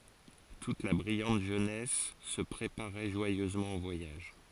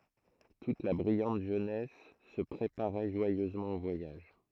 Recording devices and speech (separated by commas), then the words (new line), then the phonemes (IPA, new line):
forehead accelerometer, throat microphone, read sentence
Toute la brillante jeunesse se préparait joyeusement au voyage.
tut la bʁijɑ̃t ʒønɛs sə pʁepaʁɛ ʒwajøzmɑ̃ o vwajaʒ